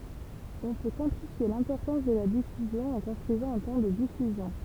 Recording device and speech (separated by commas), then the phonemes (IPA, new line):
temple vibration pickup, read sentence
ɔ̃ pø kwɑ̃tifje lɛ̃pɔʁtɑ̃s də la difyzjɔ̃ ɑ̃ kɔ̃stʁyizɑ̃ œ̃ tɑ̃ də difyzjɔ̃